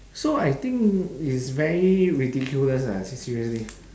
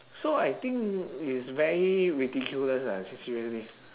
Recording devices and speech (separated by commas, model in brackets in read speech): standing microphone, telephone, conversation in separate rooms